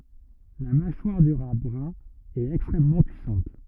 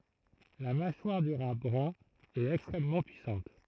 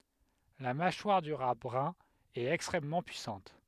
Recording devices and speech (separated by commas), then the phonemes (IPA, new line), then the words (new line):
rigid in-ear microphone, throat microphone, headset microphone, read sentence
la maʃwaʁ dy ʁa bʁœ̃ ɛt ɛkstʁɛmmɑ̃ pyisɑ̃t
La mâchoire du rat brun est extrêmement puissante.